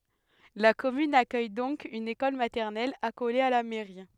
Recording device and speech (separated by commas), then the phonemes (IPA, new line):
headset microphone, read sentence
la kɔmyn akœj dɔ̃k yn ekɔl matɛʁnɛl akole a la mɛʁi